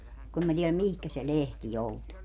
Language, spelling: Finnish, kun en minä tiedä mihin se lehti joutui
- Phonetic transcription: kun em mä 'tieläm "mihkä se "lehti 'joutu .

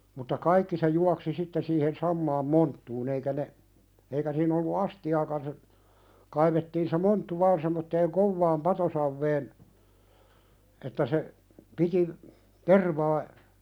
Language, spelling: Finnish, mutta kaikki se juoksi sitten siihen samaan monttuun eikä ne eikä siinä ollut astiaakaan se kaivettiin se monttu vain semmoiseen kovaan patosaveen että se piti tervaa
- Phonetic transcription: mutta 'kaikki se juaksi sitte siihen "sammaam 'monttuun ‿eikä ne , eikä siin ‿ollu "asti₍aakan se , 'kaivettiin se 'monttu "vaan semmotteeŋ "kovvaam 'patosavveen , että se , 'piti , 'tervaa ,.

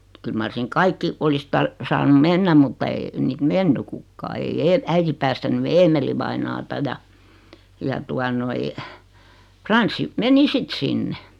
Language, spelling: Finnish, kyllä mar sinne kaikki olisi - saanut mennä mutta ei niitä mennyt kukaan ei - äiti päästänyt Eemeli-vainajaa ja ja tuota noin Frans meni sitten sinne
- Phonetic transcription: 'kyl mar 'siŋ "kaikki , 'olis tar- , 'saanum "mennäm mutta ee- , 'niit "menny kukkaa 'ei 'ee- , 'äiti päästäny "Eemelivainaata ja , ja 'tua noi , 'Franssi , 'meni "sit 'sinne .

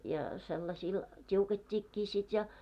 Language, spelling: Finnish, ja sellaisilla tiukettiinkin sitten ja
- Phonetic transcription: ja sellasiil 't́iuket́t́iikkii sit ja .

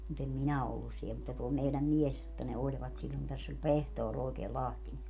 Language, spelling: Finnish, mutta en minä ole ollut siellä mutta tuo meidän mies että ne olivat silloin tässä oli pehtori oikein Lahtinen
- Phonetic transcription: mut ‿em 'minä o ollus siɛ mutta tuo 'meiläm 'mies , [et]tä ne 'oĺvat sillon täss ‿oĺ "pehtoor òekee "Lahtine .

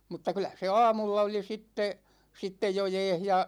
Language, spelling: Finnish, mutta kyllä se aamulla oli sitten sitten jo jäässä ja
- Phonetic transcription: mutta 'kylä se "aamulla oli 'sitte , 'sittej jo "jɛɛh ja ,.

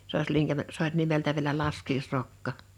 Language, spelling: Finnish, se - olisi linkämä se oli nimeltä vielä laskiaisrokka
- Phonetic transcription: 's ‿ò is 'liŋkämä , 's ‿oĺ 'nimeltä viᵉlä 'laskiisrokka .

